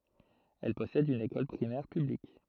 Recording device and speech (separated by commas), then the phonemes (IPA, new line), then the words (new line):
throat microphone, read sentence
ɛl pɔsɛd yn ekɔl pʁimɛʁ pyblik
Elle possède une école primaire publique.